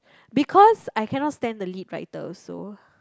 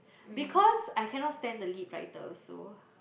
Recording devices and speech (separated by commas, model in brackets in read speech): close-talking microphone, boundary microphone, conversation in the same room